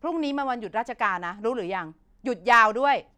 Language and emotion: Thai, angry